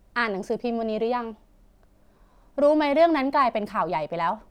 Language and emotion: Thai, frustrated